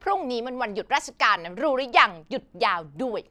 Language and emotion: Thai, frustrated